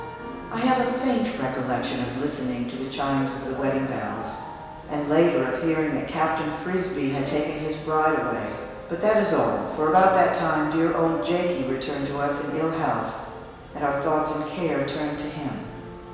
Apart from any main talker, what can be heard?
Music.